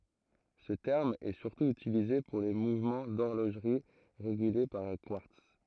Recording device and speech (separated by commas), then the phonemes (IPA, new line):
throat microphone, read sentence
sə tɛʁm ɛ syʁtu ytilize puʁ le muvmɑ̃ dɔʁloʒʁi ʁeɡyle paʁ œ̃ kwaʁts